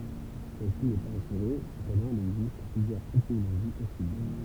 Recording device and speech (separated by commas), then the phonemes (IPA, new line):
temple vibration pickup, read sentence
sɛlsi nɛ paz asyʁe səpɑ̃dɑ̃ il ɛɡzist plyzjœʁz etimoloʒi pɔsibl